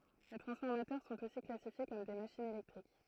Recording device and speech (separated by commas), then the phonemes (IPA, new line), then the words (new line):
throat microphone, read sentence
le tʁɑ̃sfɔʁmatœʁ sɔ̃t osi klasifje kɔm de maʃinz elɛktʁik
Les transformateurs sont aussi classifiés comme des machines électriques.